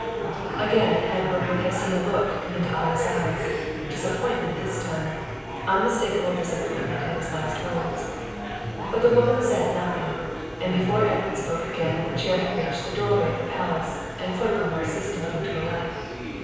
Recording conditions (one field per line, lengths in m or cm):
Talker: one person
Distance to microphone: 7.1 m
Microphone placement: far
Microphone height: 1.7 m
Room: very reverberant, large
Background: babble